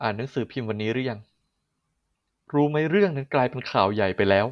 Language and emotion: Thai, frustrated